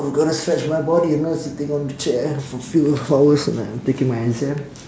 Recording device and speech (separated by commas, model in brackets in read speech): standing microphone, conversation in separate rooms